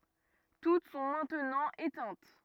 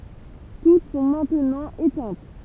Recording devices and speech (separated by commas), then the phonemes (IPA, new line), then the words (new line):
rigid in-ear microphone, temple vibration pickup, read sentence
tut sɔ̃ mɛ̃tnɑ̃ etɛ̃t
Toutes sont maintenant éteintes.